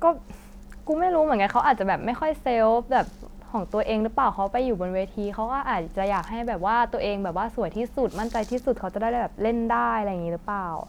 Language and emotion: Thai, frustrated